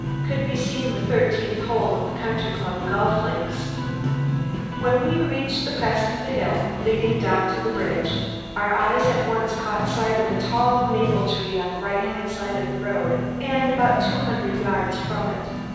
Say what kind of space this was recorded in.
A large, echoing room.